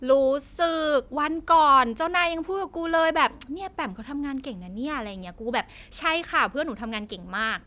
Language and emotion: Thai, happy